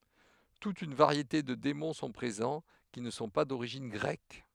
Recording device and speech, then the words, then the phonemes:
headset microphone, read sentence
Toute une variété de démons sont présents, qui ne sont pas d'origine grecque.
tut yn vaʁjete də demɔ̃ sɔ̃ pʁezɑ̃ ki nə sɔ̃ pa doʁiʒin ɡʁɛk

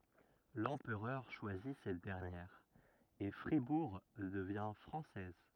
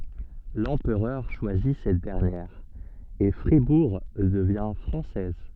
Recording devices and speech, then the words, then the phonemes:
rigid in-ear microphone, soft in-ear microphone, read sentence
L'empereur choisit cette dernière, et Fribourg devient française.
lɑ̃pʁœʁ ʃwazi sɛt dɛʁnjɛʁ e fʁibuʁ dəvjɛ̃ fʁɑ̃sɛz

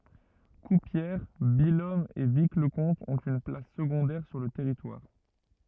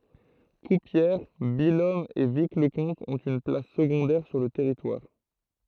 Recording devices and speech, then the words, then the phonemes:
rigid in-ear microphone, throat microphone, read sentence
Courpière, Billom et Vic-le-Comte ont une place secondaire sur le territoire.
kuʁpjɛʁ bijɔm e vikləkɔ̃t ɔ̃t yn plas səɡɔ̃dɛʁ syʁ lə tɛʁitwaʁ

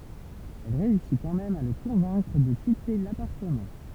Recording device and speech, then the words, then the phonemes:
temple vibration pickup, read sentence
Elle réussit quand même à le convaincre de quitter l'appartement.
ɛl ʁeysi kɑ̃ mɛm a lə kɔ̃vɛ̃kʁ də kite lapaʁtəmɑ̃

